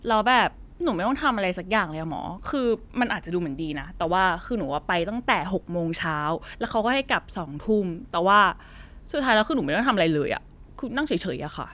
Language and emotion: Thai, frustrated